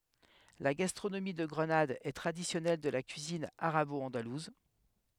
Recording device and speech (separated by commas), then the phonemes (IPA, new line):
headset microphone, read sentence
la ɡastʁonomi də ɡʁənad ɛ tʁadisjɔnɛl də la kyizin aʁabɔɑ̃daluz